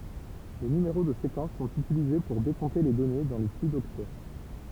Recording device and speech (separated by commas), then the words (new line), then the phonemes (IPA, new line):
temple vibration pickup, read sentence
Les numéros de séquence sont utilisés pour décompter les données dans le flux d'octets.
le nymeʁo də sekɑ̃s sɔ̃t ytilize puʁ dekɔ̃te le dɔne dɑ̃ lə fly dɔktɛ